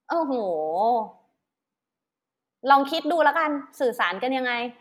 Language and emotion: Thai, angry